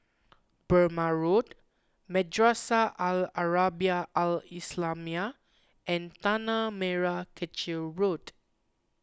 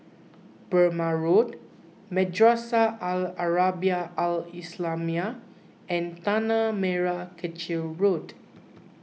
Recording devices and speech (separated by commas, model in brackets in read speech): close-talking microphone (WH20), mobile phone (iPhone 6), read sentence